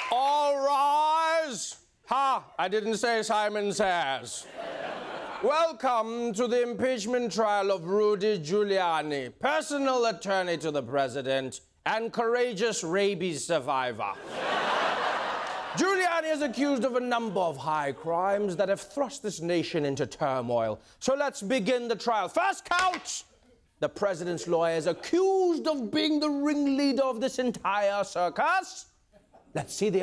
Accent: with British accent